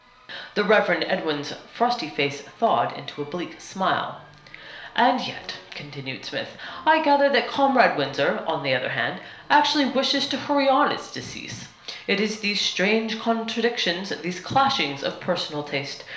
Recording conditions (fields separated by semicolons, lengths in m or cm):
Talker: one person; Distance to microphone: 1.0 m; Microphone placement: close; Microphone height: 1.1 m; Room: small (3.7 m by 2.7 m); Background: music